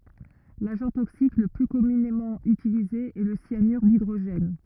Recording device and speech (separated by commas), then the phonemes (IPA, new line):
rigid in-ear microphone, read sentence
laʒɑ̃ toksik lə ply kɔmynemɑ̃ ytilize ɛ lə sjanyʁ didʁoʒɛn